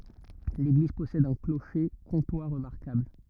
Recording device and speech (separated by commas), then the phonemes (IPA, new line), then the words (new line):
rigid in-ear microphone, read sentence
leɡliz pɔsɛd œ̃ kloʃe kɔ̃twa ʁəmaʁkabl
L'église possède un clocher comtois remarquable.